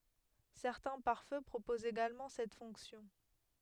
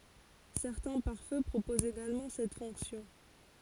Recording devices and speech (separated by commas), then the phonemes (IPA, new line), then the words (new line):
headset microphone, forehead accelerometer, read sentence
sɛʁtɛ̃ paʁfø pʁopozt eɡalmɑ̃ sɛt fɔ̃ksjɔ̃
Certains pare-feu proposent également cette fonction.